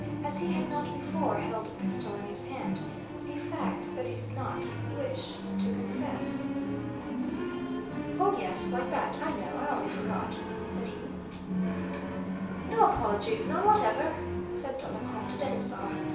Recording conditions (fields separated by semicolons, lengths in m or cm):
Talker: one person; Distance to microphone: 3.0 m; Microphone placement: far; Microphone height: 1.8 m; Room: small (3.7 m by 2.7 m); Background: television